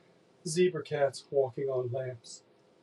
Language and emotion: English, sad